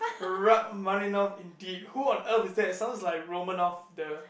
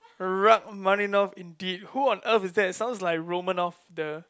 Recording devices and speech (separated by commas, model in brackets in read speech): boundary microphone, close-talking microphone, conversation in the same room